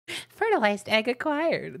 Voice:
high pleasant voice